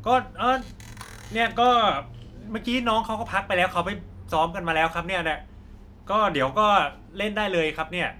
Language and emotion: Thai, neutral